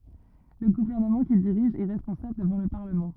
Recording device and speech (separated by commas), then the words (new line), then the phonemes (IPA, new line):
rigid in-ear microphone, read sentence
Le gouvernement qu'il dirige est responsable devant le Parlement.
lə ɡuvɛʁnəmɑ̃ kil diʁiʒ ɛ ʁɛspɔ̃sabl dəvɑ̃ lə paʁləmɑ̃